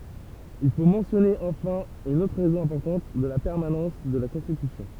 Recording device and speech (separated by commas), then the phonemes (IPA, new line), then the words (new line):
temple vibration pickup, read sentence
il fo mɑ̃sjɔne ɑ̃fɛ̃ yn otʁ ʁɛzɔ̃ ɛ̃pɔʁtɑ̃t də la pɛʁmanɑ̃s də la kɔ̃stitysjɔ̃
Il faut mentionner enfin une autre raison importante de la permanence de la Constitution.